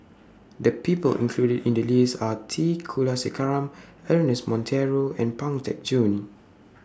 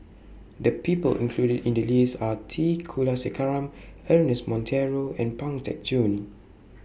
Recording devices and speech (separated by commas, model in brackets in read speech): standing microphone (AKG C214), boundary microphone (BM630), read sentence